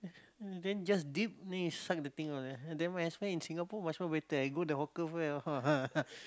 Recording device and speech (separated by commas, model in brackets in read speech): close-talking microphone, conversation in the same room